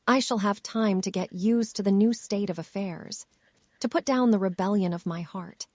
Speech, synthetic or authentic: synthetic